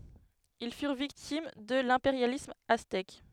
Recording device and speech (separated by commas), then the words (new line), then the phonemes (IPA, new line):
headset microphone, read sentence
Ils furent victimes de l'impérialisme aztèque.
il fyʁ viktim də lɛ̃peʁjalism aztɛk